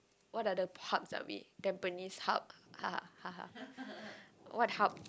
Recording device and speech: close-talking microphone, conversation in the same room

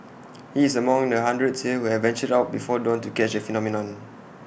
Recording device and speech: boundary microphone (BM630), read sentence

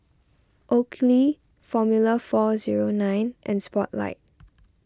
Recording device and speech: standing microphone (AKG C214), read sentence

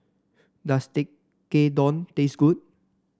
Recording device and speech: standing microphone (AKG C214), read sentence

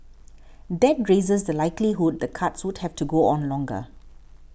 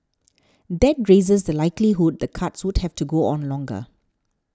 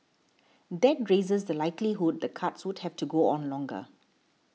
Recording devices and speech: boundary microphone (BM630), standing microphone (AKG C214), mobile phone (iPhone 6), read sentence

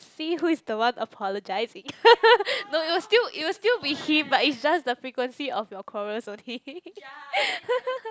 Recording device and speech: close-talking microphone, conversation in the same room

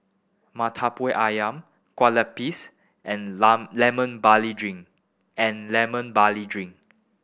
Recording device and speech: boundary microphone (BM630), read sentence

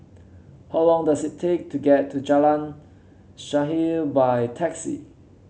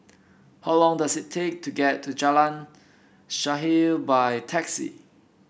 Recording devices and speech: mobile phone (Samsung C7), boundary microphone (BM630), read sentence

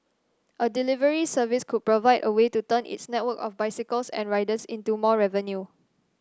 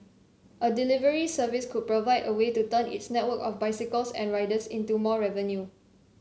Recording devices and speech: standing microphone (AKG C214), mobile phone (Samsung C7), read sentence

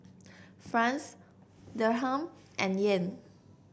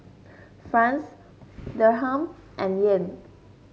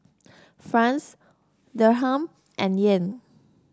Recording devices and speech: boundary microphone (BM630), mobile phone (Samsung S8), standing microphone (AKG C214), read sentence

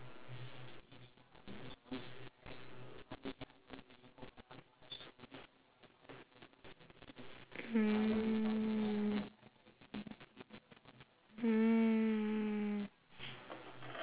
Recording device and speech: telephone, conversation in separate rooms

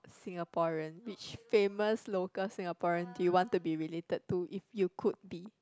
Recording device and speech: close-talking microphone, conversation in the same room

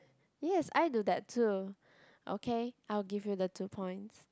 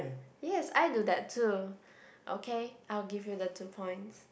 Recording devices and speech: close-talking microphone, boundary microphone, conversation in the same room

